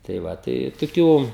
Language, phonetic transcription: Lithuanian, tai ˈva tai toˈkių

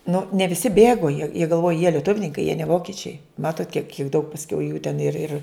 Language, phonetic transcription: Lithuanian, nu ne viˈsi ˈbėgo jie jie galˈvoj jie lieˈtuvninkai jie ne ˈvokičiai ˈmatot kiek jų daug pasˈkiau jų ten ir ir

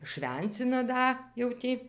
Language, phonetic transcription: Lithuanian, švenˈcina ˈda jau ˈtį

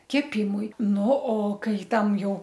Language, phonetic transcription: Lithuanian, keˈpimui ˈnu o ˈkai ˈtam ˈjau

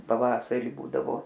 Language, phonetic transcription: Lithuanian, paˈvasari ˈbūdavo

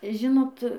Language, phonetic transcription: Lithuanian, ˈžinot

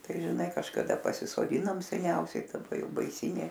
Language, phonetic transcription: Lithuanian, ˈtai žiˈnai kažkaˈda pasisoˈdinom seˈniausiai daˈba ˈjau baiˈsynė

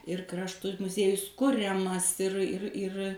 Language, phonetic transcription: Lithuanian, ir ˈkraštu muˈziejus ˈkuriamas ir ir ir

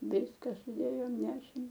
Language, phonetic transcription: Lithuanian, ˈviska suˈdėjom ˈnešėm

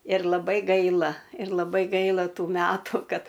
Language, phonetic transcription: Lithuanian, ir laˈbai ˈgaila ir laˈbai ˈgaila ˈtų ˈmætu ˈkad

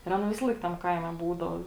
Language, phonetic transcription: Lithuanian, ir ˈaˌna ˈvisalaik tam ˈkaime ˈbūdau

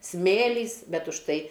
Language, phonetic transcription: Lithuanian, ˈsmėlys ˈbet už ˈtai

